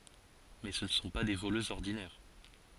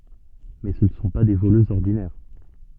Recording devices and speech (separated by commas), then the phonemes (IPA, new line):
forehead accelerometer, soft in-ear microphone, read sentence
mɛ sə nə sɔ̃ pa de voløzz ɔʁdinɛʁ